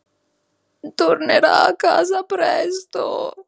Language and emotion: Italian, sad